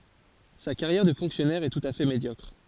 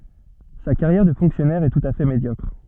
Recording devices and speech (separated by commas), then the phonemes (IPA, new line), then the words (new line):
forehead accelerometer, soft in-ear microphone, read sentence
sa kaʁjɛʁ də fɔ̃ksjɔnɛʁ ɛ tut a fɛ medjɔkʁ
Sa carrière de fonctionnaire est tout à fait médiocre.